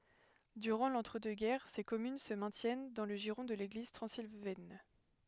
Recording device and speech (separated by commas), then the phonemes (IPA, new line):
headset microphone, read sentence
dyʁɑ̃ lɑ̃tʁədøksɡɛʁ se kɔmyn sə mɛ̃tjɛn dɑ̃ lə ʒiʁɔ̃ də leɡliz tʁɑ̃zilvɛn